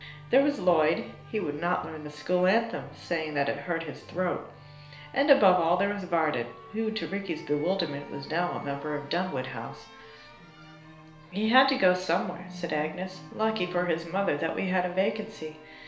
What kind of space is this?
A small room (about 3.7 m by 2.7 m).